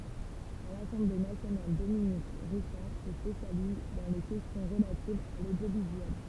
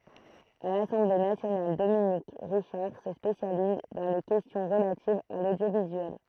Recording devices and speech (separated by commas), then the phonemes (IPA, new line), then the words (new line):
temple vibration pickup, throat microphone, read sentence
a lasɑ̃ble nasjonal dominik ʁiʃaʁ sə spesjaliz dɑ̃ le kɛstjɔ̃ ʁəlativz a lodjovizyɛl
À l'Assemblée nationale, Dominique Richard se spécialise dans les questions relatives à l'audiovisuel.